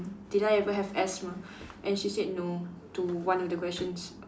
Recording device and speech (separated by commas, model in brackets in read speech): standing microphone, conversation in separate rooms